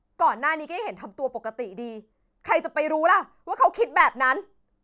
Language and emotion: Thai, angry